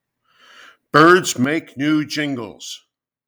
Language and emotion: English, disgusted